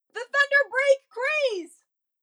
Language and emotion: English, fearful